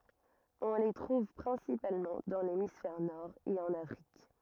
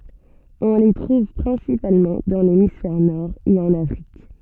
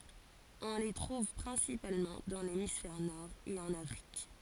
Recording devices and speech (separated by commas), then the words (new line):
rigid in-ear microphone, soft in-ear microphone, forehead accelerometer, read sentence
On les trouve principalement dans l'hémisphère Nord et en Afrique.